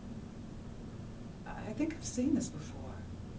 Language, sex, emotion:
English
female
neutral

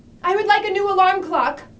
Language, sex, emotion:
English
female
fearful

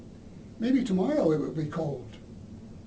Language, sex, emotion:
English
male
neutral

